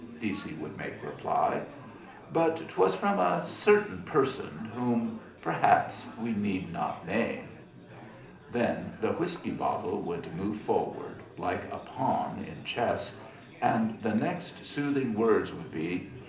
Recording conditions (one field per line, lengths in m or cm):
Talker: one person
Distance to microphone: 2.0 m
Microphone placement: close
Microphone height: 99 cm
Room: medium-sized (5.7 m by 4.0 m)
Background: babble